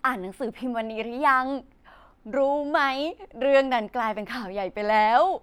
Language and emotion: Thai, happy